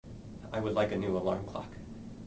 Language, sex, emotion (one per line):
English
male
neutral